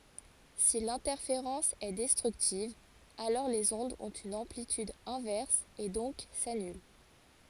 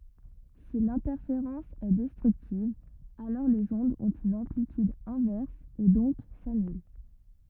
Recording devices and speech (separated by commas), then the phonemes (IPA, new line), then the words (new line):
forehead accelerometer, rigid in-ear microphone, read sentence
si lɛ̃tɛʁfeʁɑ̃s ɛ dɛstʁyktiv alɔʁ lez ɔ̃dz ɔ̃t yn ɑ̃plityd ɛ̃vɛʁs e dɔ̃k sanyl
Si l'interférence est destructive, alors les ondes ont une amplitude inverse et donc s'annulent.